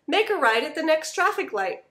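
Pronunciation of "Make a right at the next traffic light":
The sentence is said at native speed, and the t in 'next' is lost before 'traffic'.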